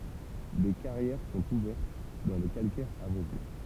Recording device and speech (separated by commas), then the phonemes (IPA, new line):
temple vibration pickup, read sentence
de kaʁjɛʁ sɔ̃t uvɛʁt dɑ̃ lə kalkɛʁ avwazinɑ̃